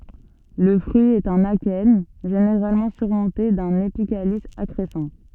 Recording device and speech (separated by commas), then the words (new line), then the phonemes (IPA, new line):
soft in-ear microphone, read sentence
Le fruit est un akène, généralement surmonté d'un épicalice accrescent.
lə fʁyi ɛt œ̃n akɛn ʒeneʁalmɑ̃ syʁmɔ̃te dœ̃n epikalis akʁɛsɑ̃